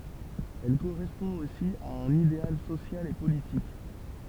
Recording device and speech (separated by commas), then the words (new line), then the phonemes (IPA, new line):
temple vibration pickup, read sentence
Elle correspond aussi à un idéal social et politique.
ɛl koʁɛspɔ̃ osi a œ̃n ideal sosjal e politik